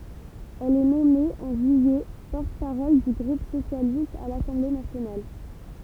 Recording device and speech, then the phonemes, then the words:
temple vibration pickup, read sentence
ɛl ɛ nɔme ɑ̃ ʒyijɛ pɔʁt paʁɔl dy ɡʁup sosjalist a lasɑ̃ble nasjonal
Elle est nommée, en juillet, porte-parole du groupe socialiste à l'Assemblée nationale.

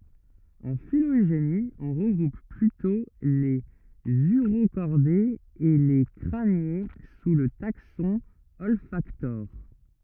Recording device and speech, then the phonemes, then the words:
rigid in-ear microphone, read sentence
ɑ̃ filoʒeni ɔ̃ ʁəɡʁup plytɔ̃ lez yʁokɔʁdez e le kʁanje su lə taksɔ̃ ɔlfaktoʁ
En phylogénie, on regroupe plutôt les Urocordés et les Crâniés sous le taxon Olfactores.

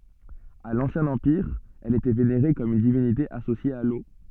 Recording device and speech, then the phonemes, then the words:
soft in-ear microphone, read sentence
a lɑ̃sjɛ̃ ɑ̃piʁ ɛl etɛ veneʁe kɔm yn divinite asosje a lo
À l'Ancien Empire, elle était vénérée comme une divinité associée à l'eau.

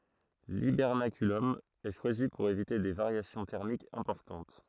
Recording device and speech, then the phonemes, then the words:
throat microphone, read sentence
libɛʁnakylɔm ɛ ʃwazi puʁ evite de vaʁjasjɔ̃ tɛʁmikz ɛ̃pɔʁtɑ̃t
L’hibernaculum est choisi pour éviter des variations thermiques importantes.

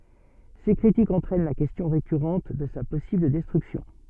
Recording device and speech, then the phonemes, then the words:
soft in-ear microphone, read sentence
se kʁitikz ɑ̃tʁɛn la kɛstjɔ̃ ʁekyʁɑ̃t də sa pɔsibl dɛstʁyksjɔ̃
Ces critiques entraînent la question récurrente de sa possible destruction.

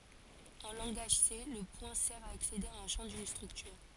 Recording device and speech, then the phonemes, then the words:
forehead accelerometer, read sentence
ɑ̃ lɑ̃ɡaʒ se lə pwɛ̃ sɛʁ a aksede a œ̃ ʃɑ̃ dyn stʁyktyʁ
En langage C, le point sert à accéder à un champ d'une structure.

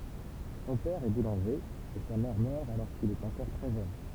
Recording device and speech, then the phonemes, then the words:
temple vibration pickup, read sentence
sɔ̃ pɛʁ ɛ bulɑ̃ʒe e sa mɛʁ mœʁ alɔʁ kil ɛt ɑ̃kɔʁ tʁɛ ʒøn
Son père est boulanger, et sa mère meurt alors qu'il est encore très jeune.

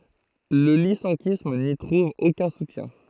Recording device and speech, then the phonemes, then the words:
throat microphone, read sentence
lə lisɑ̃kism ni tʁuv okœ̃ sutjɛ̃
Le lyssenkisme n’y trouve aucun soutien.

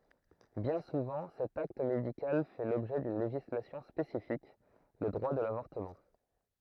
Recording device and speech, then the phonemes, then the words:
throat microphone, read sentence
bjɛ̃ suvɑ̃ sɛt akt medikal fɛ lɔbʒɛ dyn leʒislasjɔ̃ spesifik lə dʁwa də lavɔʁtəmɑ̃
Bien souvent cet acte médical fait l'objet d'une législation spécifique, le droit de l'avortement.

